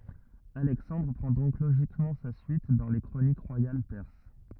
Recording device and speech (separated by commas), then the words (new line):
rigid in-ear microphone, read sentence
Alexandre prend donc logiquement sa suite dans les chroniques royales perses.